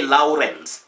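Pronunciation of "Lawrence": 'Lawrence' is pronounced incorrectly here.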